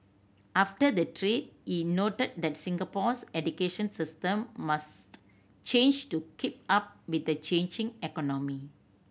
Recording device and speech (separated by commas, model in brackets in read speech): boundary microphone (BM630), read sentence